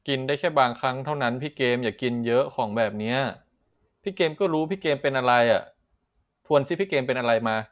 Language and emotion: Thai, frustrated